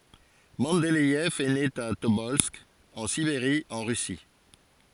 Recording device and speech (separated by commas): forehead accelerometer, read sentence